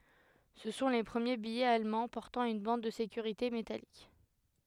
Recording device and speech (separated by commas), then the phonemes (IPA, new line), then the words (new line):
headset microphone, read sentence
sə sɔ̃ le pʁəmje bijɛz almɑ̃ pɔʁtɑ̃ yn bɑ̃d də sekyʁite metalik
Ce sont les premiers billets allemands portant une bande de sécurité métallique.